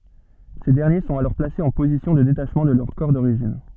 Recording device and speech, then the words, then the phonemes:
soft in-ear microphone, read sentence
Ces derniers sont alors placés en position de détachement de leur corps d'origine.
se dɛʁnje sɔ̃t alɔʁ plasez ɑ̃ pozisjɔ̃ də detaʃmɑ̃ də lœʁ kɔʁ doʁiʒin

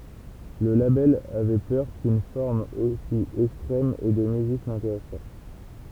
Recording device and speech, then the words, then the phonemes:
temple vibration pickup, read sentence
Le label avait peur qu'une forme aussi extrême et de musique n'intéresse pas.
lə labɛl avɛ pœʁ kyn fɔʁm osi ɛkstʁɛm e də myzik nɛ̃teʁɛs pa

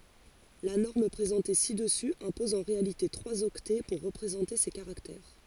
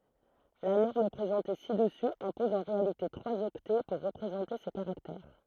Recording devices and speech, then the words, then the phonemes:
forehead accelerometer, throat microphone, read sentence
La norme présentée ci-dessus impose en réalité trois octets pour représenter ces caractères.
la nɔʁm pʁezɑ̃te si dəsy ɛ̃pɔz ɑ̃ ʁealite tʁwaz ɔktɛ puʁ ʁəpʁezɑ̃te se kaʁaktɛʁ

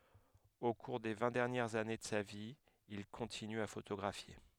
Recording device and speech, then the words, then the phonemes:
headset microphone, read sentence
Au cours des vingt dernières années de sa vie, il continue à photographier.
o kuʁ de vɛ̃ dɛʁnjɛʁz ane də sa vi il kɔ̃tiny a fotoɡʁafje

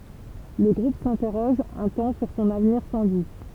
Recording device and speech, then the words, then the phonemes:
temple vibration pickup, read sentence
Le groupe s'interroge un temps sur son avenir sans lui.
lə ɡʁup sɛ̃tɛʁɔʒ œ̃ tɑ̃ syʁ sɔ̃n avniʁ sɑ̃ lyi

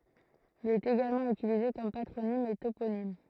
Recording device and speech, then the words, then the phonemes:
throat microphone, read sentence
Il est également utilisé comme patronyme et toponyme.
il ɛt eɡalmɑ̃ ytilize kɔm patʁonim e toponim

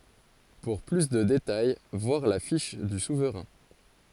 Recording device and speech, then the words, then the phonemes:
forehead accelerometer, read sentence
Pour plus de détails voir la fiche du souverain.
puʁ ply də detaj vwaʁ la fiʃ dy suvʁɛ̃

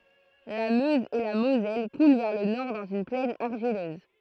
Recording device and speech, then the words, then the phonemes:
throat microphone, read sentence
La Meuse et la Moselle coulent vers le nord dans une plaine argileuse.
la møz e la mozɛl kulɑ̃ vɛʁ lə nɔʁ dɑ̃z yn plɛn aʁʒiløz

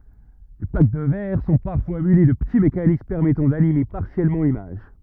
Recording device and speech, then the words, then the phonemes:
rigid in-ear microphone, read sentence
Les plaques de verre sont parfois munies de petits mécanismes permettant d'animer partiellement l'image.
le plak də vɛʁ sɔ̃ paʁfwa myni də pəti mekanism pɛʁmɛtɑ̃ danime paʁsjɛlmɑ̃ limaʒ

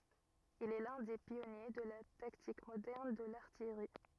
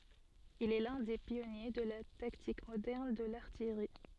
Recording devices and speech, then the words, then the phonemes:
rigid in-ear microphone, soft in-ear microphone, read sentence
Il est l'un des pionniers de la tactique moderne de l'artillerie.
il ɛ lœ̃ de pjɔnje də la taktik modɛʁn də laʁtijʁi

